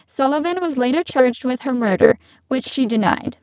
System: VC, spectral filtering